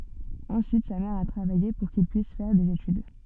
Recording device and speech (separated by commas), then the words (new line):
soft in-ear microphone, read sentence
Ensuite, sa mère a travaillé pour qu'il puisse faire des études.